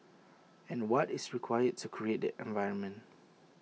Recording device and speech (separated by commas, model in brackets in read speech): mobile phone (iPhone 6), read sentence